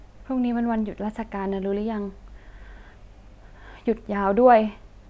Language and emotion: Thai, sad